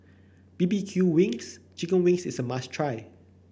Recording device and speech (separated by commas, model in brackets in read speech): boundary microphone (BM630), read sentence